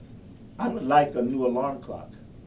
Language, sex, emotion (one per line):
English
male
neutral